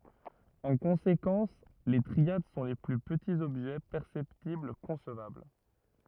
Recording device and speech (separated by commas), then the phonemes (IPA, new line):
rigid in-ear microphone, read sentence
ɑ̃ kɔ̃sekɑ̃s le tʁiad sɔ̃ le ply pətiz ɔbʒɛ pɛʁsɛptibl kɔ̃svabl